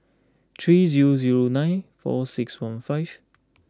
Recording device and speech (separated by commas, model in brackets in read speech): close-talking microphone (WH20), read sentence